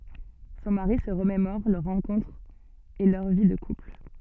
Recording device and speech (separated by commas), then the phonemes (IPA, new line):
soft in-ear microphone, read sentence
sɔ̃ maʁi sə ʁəmemɔʁ lœʁ ʁɑ̃kɔ̃tʁ e lœʁ vi də kupl